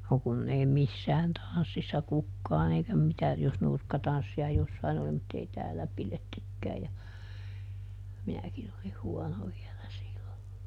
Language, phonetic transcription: Finnish, no ˈkunn ‿ei ˈmissään "tan̬ssissa ˈkukkaan ‿eikä mitä - jos ˈnurkkatanssi₍a ˈjossain ‿oli mutt ‿ei ˈtäälä ˈpilettykkää ja , ˈminäkin ‿olih "huono vielä ˈsillo .
- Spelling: no kun ei missään tanssissa kukaan eikä mitä jos nurkkatanssia jossakin oli mutta ei täällä pidettykään ja minäkin olin huono vielä silloin

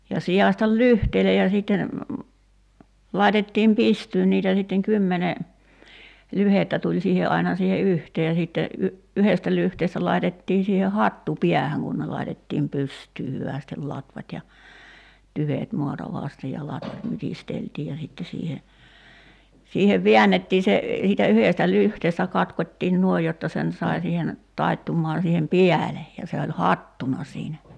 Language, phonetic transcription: Finnish, ja 'si₍àśtal "lyhteile ja sìtten , 'làitettiim "pistyyn niitä sitteŋ "kymmene , 'lyhettä tuĺ 'siihe ’aina siihe "yhtee ja sìtte , y- , 'yhestä lyhteestä 'lai̬tettii siihe "hattu 'piähäŋ kun ne 'laitettiim 'py̳§styy 'hyvä̀stel 'latvat́ ja , 'tyvèt 'muata "vàste ja 'latvat 'mytisteltiij̆ ja sitte siihe , 'siihev "vḙännettii se , siitä "yhèstä 'lyhteestä 'katkot́tiin 'nuoij jotta 'sen sai siihen , 'taittummaan̬ siihen "piäle , ja 'se oĺ "hattuna siinä .
- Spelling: ja sitaistaan lyhteille ja sitten laitettiin pystyyn niitä sitten kymmenen lyhdettä tuli siihen aina siihen yhteen ja sitten - yhdestä lyhteestä laitettiin siihen hattu päähän kun ne laitettiin pystyyn hyvästi latvat ja tyvet maata vasten ja latvat mytisteltiin ja sitten siihen siihen väännettiin se siitä yhdestä lyhteestä katkottiin noin jotta sen sai siihen taittumaan siihen päälle ja se oli hattuna siinä

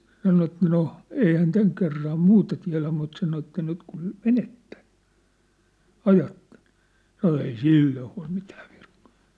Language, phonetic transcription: Finnish, sĕ sano et » 'no , "ei hän 'täŋ kerram "muuta tiä̭lä mut « 'sano että » 'nyt kun , "menettᴇ , "ajattᴇɴ « , sano » ei "sìlloo hua̭l mitᴀ̈ᴀ̈ virkkᴀᴀ .
- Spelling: se sanoi että no ei hän tämän kerran muuta tiedä mutta sanoi että nyt kun menette ajatte sanoi ei silloin huoli mitään virkkaa

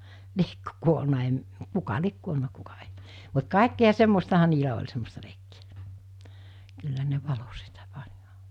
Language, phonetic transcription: Finnish, 'liekkö kuolna em- , 'kuka 'liek kuolna kuka ᴇɪ , mut 'kàekki₍a semmostaha niilä oĺ 'semmosta leikkɪᴀ̈ , kyllä ne 'valo sitä .
- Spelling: liekö kuollut - kuka lie kuollut kuka ei mutta kaikkia semmoistahan niillä oli semmoista leikkiä kyllä ne valoi sitä

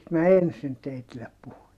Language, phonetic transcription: Finnish, - - mä ensin teitillep puhun .
- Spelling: minä ensin teille puhun

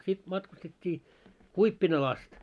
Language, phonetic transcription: Finnish, 'sit matkustet́t́ii , 'Kuippinal ‿ast .
- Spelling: sitten matkustettiin Kuippinalle asti

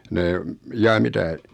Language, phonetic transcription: Finnish, nee , 'jaa "mitä̀ ?
- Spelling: ne jaa mitä

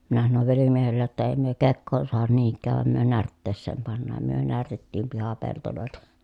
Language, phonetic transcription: Finnish, minä sanov velimiehellej jotta » èi myö kekkoon suahan niiŋk̆kääv vàem myö närtteesseem pannaam » myö närtettiim pihapeltolòelta .
- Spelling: minä sanoin velimiehelle jotta ei me kekoon saada niinkään vain me närtteeseen pannaan me närtettiin pihapeltoja

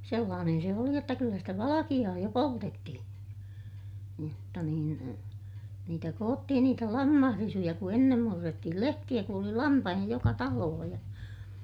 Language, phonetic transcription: Finnish, sellaanen se oli jotta kyllä stä valakiʲaa jo poltettihiḭ , jotta niin , niitä koottihin niitä lammahrisuja ku ennem murrettihil lehtiʲä ku oli lampahiʲa joka talooh ja ,.
- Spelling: sellainen se oli jotta kyllä sitä valkeaa jo poltettiin jotta niin niitä koottiin niitä lammasrisuja kun ennen murrettiin lehtiä kun oli lampaita joka talossa ja

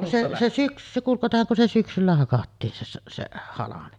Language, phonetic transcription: Finnish, se , se 'syksy- , se kuŋ 'katohaŋ kun se 'syksyllä hakattiin se se , se 'halame .
- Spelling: se se - se kun katsohan kun se syksyllä hakattiin se se se halme

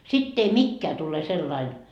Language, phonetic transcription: Finnish, 'sitt ‿ei 'mikkeä tule sellain .
- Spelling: sitten ei mikään tule sellainen

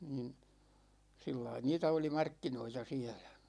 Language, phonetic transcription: Finnish, niin̬ , 'sillai 'niitä oli "markkinoita 'siɛlÄ .
- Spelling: niin sillä lailla niitä oli markkinoita siellä

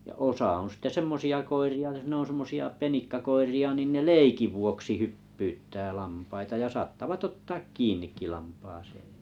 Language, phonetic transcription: Finnish, ja 'osa on̬ sĭtte "semmosi₍a 'koiri₍a ʲᵒs ne on 'semmosi₍a 'penikkakoiri₍a nin ne "leikiv vuoksi "hyppyyttää 'lampaita ja 'saattavat "ottaak "kiin̆nikki 'lampaasee .
- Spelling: ja osa on sitten semmoisia koiria jos ne on semmoisia penikkakoiria niin ne leikin vuoksi hyppyyttää lampaita ja saattavat ottaa kiinnikin lampaaseen

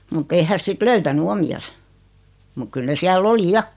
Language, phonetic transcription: Finnish, mut't ‿ei häs 'sit "löytäny 'omi₍as , muk 'kyl ne 'siäl"l ‿oli "ja .
- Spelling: mutta ei hän sitten löytänyt omiansa mutta kyllä ne siellä oli ja

